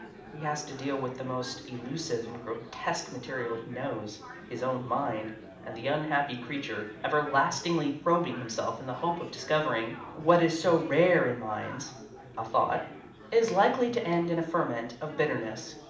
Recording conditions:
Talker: one person; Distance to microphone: 2.0 m; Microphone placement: close; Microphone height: 99 cm; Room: medium-sized (5.7 m by 4.0 m); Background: babble

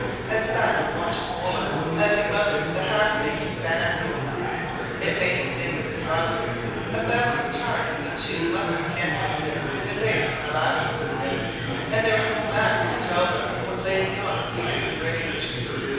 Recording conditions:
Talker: one person; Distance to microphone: 7.1 m; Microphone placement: far; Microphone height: 1.7 m; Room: very reverberant, large; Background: babble

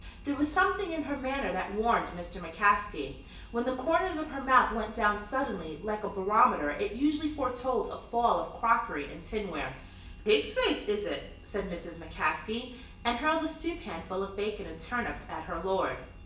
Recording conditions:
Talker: one person; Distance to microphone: 1.8 m; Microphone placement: close; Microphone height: 1.0 m; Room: large; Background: none

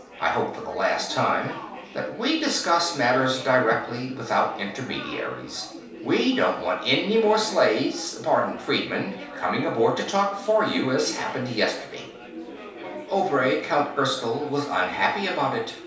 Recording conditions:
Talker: one person; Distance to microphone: 3.0 m; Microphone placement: far; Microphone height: 1.8 m; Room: small (3.7 m by 2.7 m); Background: babble

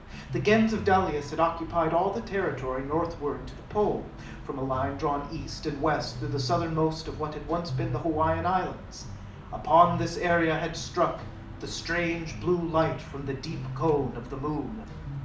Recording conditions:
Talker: one person; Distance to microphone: 2.0 m; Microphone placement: close; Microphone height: 99 cm; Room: medium-sized (5.7 m by 4.0 m); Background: music

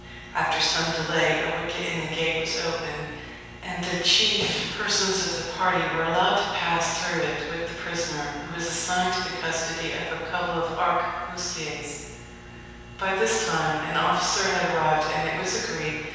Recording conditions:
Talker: one person; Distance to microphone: 7.1 m; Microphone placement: far; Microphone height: 1.7 m; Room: very reverberant, large; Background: none

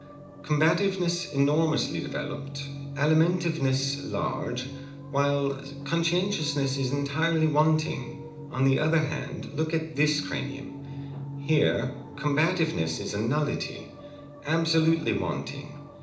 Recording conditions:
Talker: one person; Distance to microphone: 2.0 m; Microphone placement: close; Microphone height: 99 cm; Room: medium-sized (5.7 m by 4.0 m); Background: television

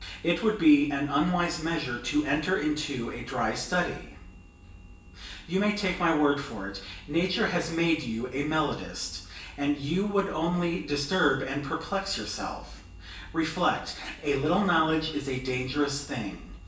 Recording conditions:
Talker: one person; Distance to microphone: 1.8 m; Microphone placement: close; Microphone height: 1.0 m; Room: large; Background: none

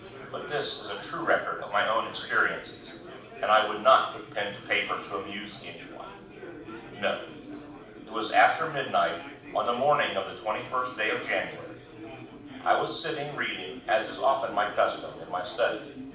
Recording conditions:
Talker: one person; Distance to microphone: 5.8 m; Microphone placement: far; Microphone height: 1.8 m; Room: medium-sized (5.7 m by 4.0 m); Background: babble

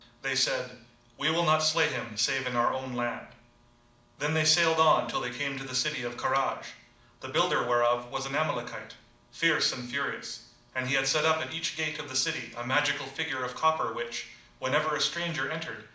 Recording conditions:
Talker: one person; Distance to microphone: 2.0 m; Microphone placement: close; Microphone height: 99 cm; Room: medium-sized (5.7 m by 4.0 m); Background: none

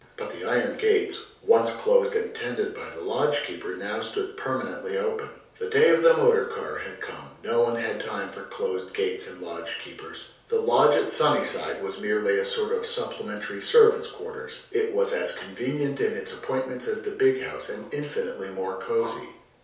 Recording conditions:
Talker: one person; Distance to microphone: 3.0 m; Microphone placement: far; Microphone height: 1.8 m; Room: small (3.7 m by 2.7 m); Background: none

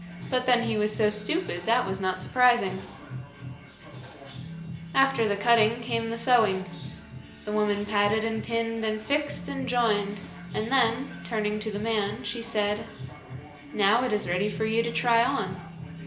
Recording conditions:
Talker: one person; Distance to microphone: 1.8 m; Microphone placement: close; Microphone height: 1.0 m; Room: large; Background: music

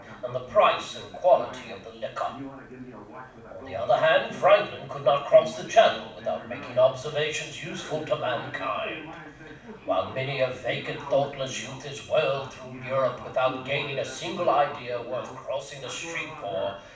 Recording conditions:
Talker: one person; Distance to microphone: 5.8 m; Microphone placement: far; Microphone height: 1.8 m; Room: medium-sized (5.7 m by 4.0 m); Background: television

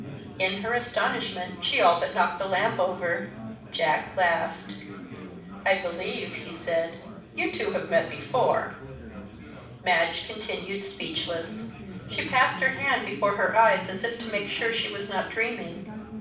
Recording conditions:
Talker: one person; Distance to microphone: 5.8 m; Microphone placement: far; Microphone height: 1.8 m; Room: medium-sized (5.7 m by 4.0 m); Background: babble

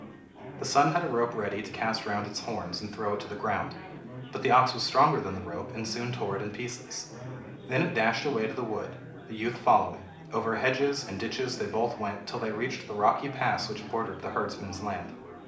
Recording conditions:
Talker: one person; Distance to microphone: 2.0 m; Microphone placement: close; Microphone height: 99 cm; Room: medium-sized (5.7 m by 4.0 m); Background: babble

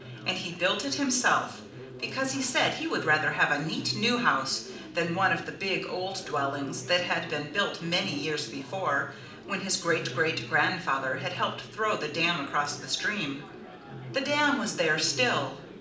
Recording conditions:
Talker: one person; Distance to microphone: 2.0 m; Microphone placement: close; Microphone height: 99 cm; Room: medium-sized (5.7 m by 4.0 m); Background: babble

